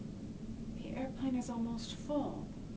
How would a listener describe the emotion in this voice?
neutral